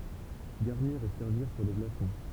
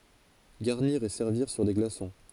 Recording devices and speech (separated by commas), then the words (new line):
temple vibration pickup, forehead accelerometer, read sentence
Garnir et servir sur des glaçons.